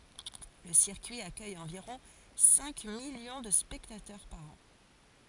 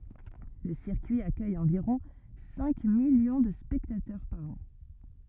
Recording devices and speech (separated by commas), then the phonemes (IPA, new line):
forehead accelerometer, rigid in-ear microphone, read sentence
lə siʁkyi akœj ɑ̃viʁɔ̃ sɛ̃ miljɔ̃ də spɛktatœʁ paʁ ɑ̃